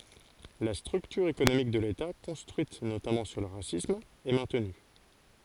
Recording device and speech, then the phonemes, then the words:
forehead accelerometer, read sentence
la stʁyktyʁ ekonomik də leta kɔ̃stʁyit notamɑ̃ syʁ lə ʁasism ɛ mɛ̃tny
La structure économique de l’État, construite notamment sur le racisme, est maintenue.

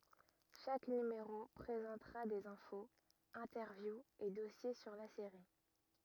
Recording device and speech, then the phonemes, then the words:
rigid in-ear microphone, read sentence
ʃak nymeʁo pʁezɑ̃tʁa dez ɛ̃foz ɛ̃tɛʁvjuz e dɔsje syʁ la seʁi
Chaque numéro présentera des infos, interviews et dossiers sur la série.

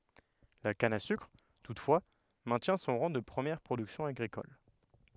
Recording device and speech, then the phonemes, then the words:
headset microphone, read sentence
la kan a sykʁ tutfwa mɛ̃tjɛ̃ sɔ̃ ʁɑ̃ də pʁəmjɛʁ pʁodyksjɔ̃ aɡʁikɔl
La canne à sucre, toutefois, maintient son rang de première production agricole.

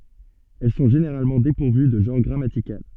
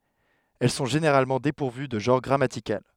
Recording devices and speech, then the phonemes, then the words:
soft in-ear microphone, headset microphone, read sentence
ɛl sɔ̃ ʒeneʁalmɑ̃ depuʁvy də ʒɑ̃ʁ ɡʁamatikal
Elles sont généralement dépourvues de genre grammatical.

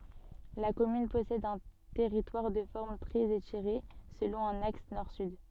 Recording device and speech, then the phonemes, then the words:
soft in-ear microphone, read sentence
la kɔmyn pɔsɛd œ̃ tɛʁitwaʁ də fɔʁm tʁɛz etiʁe səlɔ̃ œ̃n aks nɔʁ syd
La commune possède un territoire de forme très étirée, selon un axe nord-sud.

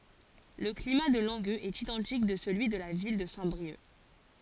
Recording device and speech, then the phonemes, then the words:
forehead accelerometer, read sentence
lə klima də lɑ̃ɡøz ɛt idɑ̃tik də səlyi də la vil də sɛ̃tbʁiœk
Le climat de Langueux est identique de celui de la ville de Saint-Brieuc.

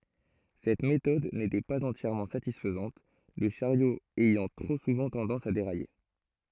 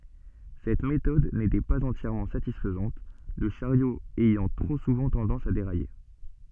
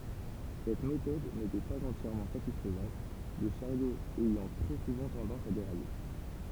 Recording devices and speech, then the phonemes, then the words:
throat microphone, soft in-ear microphone, temple vibration pickup, read sentence
sɛt metɔd netɛ paz ɑ̃tjɛʁmɑ̃ satisfəzɑ̃t lə ʃaʁjo ɛjɑ̃ tʁo suvɑ̃ tɑ̃dɑ̃s a deʁaje
Cette méthode n'était pas entièrement satisfaisante, le chariot ayant trop souvent tendance à dérailler.

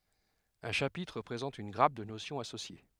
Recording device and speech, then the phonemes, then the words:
headset microphone, read sentence
œ̃ ʃapitʁ pʁezɑ̃t yn ɡʁap də nosjɔ̃z asosje
Un chapitre présente une grappe de notions associées.

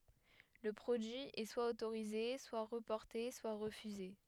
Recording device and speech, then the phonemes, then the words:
headset microphone, read sentence
lə pʁodyi ɛ swa otoʁize swa ʁəpɔʁte swa ʁəfyze
Le produit est soit autorisé, soit reporté, soit refusé.

